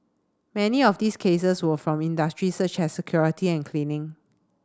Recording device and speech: standing microphone (AKG C214), read sentence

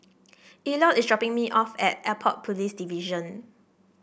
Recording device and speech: boundary microphone (BM630), read sentence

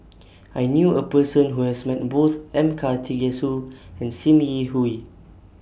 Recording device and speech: boundary microphone (BM630), read sentence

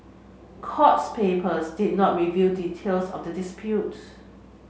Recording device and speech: mobile phone (Samsung C7), read sentence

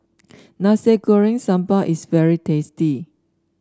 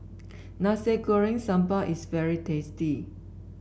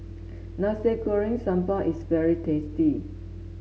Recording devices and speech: standing microphone (AKG C214), boundary microphone (BM630), mobile phone (Samsung S8), read sentence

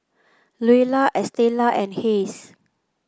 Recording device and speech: close-talking microphone (WH30), read sentence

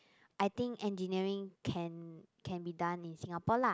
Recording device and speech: close-talking microphone, conversation in the same room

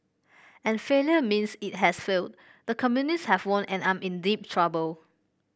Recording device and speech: boundary microphone (BM630), read sentence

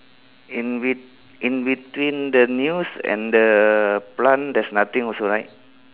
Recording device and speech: telephone, conversation in separate rooms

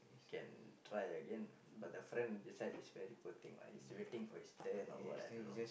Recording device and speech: boundary microphone, conversation in the same room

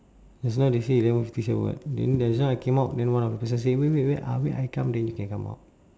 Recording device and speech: standing microphone, conversation in separate rooms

